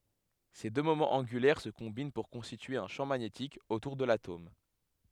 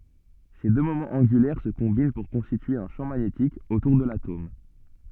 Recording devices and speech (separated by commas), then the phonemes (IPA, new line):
headset microphone, soft in-ear microphone, read sentence
se dø momɑ̃z ɑ̃ɡylɛʁ sə kɔ̃bin puʁ kɔ̃stitye œ̃ ʃɑ̃ maɲetik otuʁ də latom